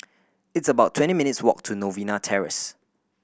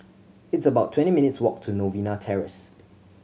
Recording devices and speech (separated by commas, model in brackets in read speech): boundary microphone (BM630), mobile phone (Samsung C7100), read sentence